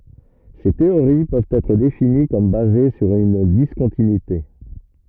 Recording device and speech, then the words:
rigid in-ear microphone, read sentence
Ces théories peuvent être définies comme basées sur une discontinuité.

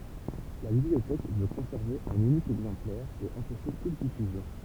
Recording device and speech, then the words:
temple vibration pickup, read sentence
La bibliothèque veut conserver un unique exemplaire et empêcher toute diffusion.

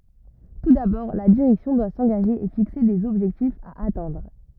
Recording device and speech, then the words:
rigid in-ear microphone, read sentence
Tout d'abord, la direction doit s'engager et fixer des objectifs à atteindre.

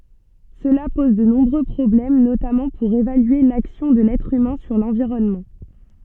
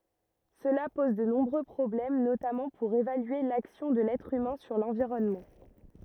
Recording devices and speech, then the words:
soft in-ear microphone, rigid in-ear microphone, read sentence
Cela pose de nombreux problèmes, notamment pour évaluer l'action de l'être humain sur l'environnement.

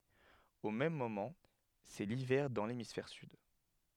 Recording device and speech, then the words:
headset microphone, read sentence
Au même moment, c'est l'hiver dans l'hémisphère sud.

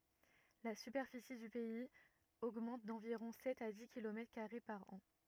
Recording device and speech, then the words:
rigid in-ear microphone, read sentence
La superficie du pays augmente d'environ sept à dix kilomètres carrés par an.

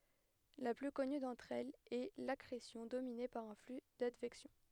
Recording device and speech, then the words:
headset microphone, read sentence
La plus connue d'entre elles est l'accrétion dominée par un flux d'advection.

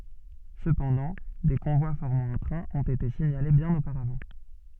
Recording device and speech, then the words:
soft in-ear microphone, read sentence
Cependant, des convois formant un train ont été signalés bien auparavant.

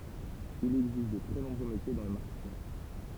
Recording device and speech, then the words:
temple vibration pickup, read sentence
Il existe de très nombreux métiers dans le marketing.

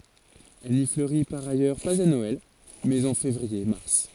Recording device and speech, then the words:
forehead accelerometer, read sentence
Elle n'y fleurit par ailleurs pas à Noël, mais en février-mars.

